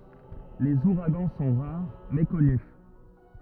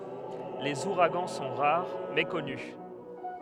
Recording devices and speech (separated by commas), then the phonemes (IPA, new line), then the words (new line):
rigid in-ear microphone, headset microphone, read sentence
lez uʁaɡɑ̃ sɔ̃ ʁaʁ mɛ kɔny
Les ouragans sont rares, mais connus.